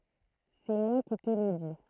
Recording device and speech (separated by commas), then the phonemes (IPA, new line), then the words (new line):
throat microphone, read sentence
sɛ mwa ki tə lə di
C’est moi qui te le dis.